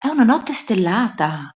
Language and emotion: Italian, surprised